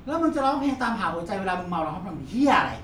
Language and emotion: Thai, angry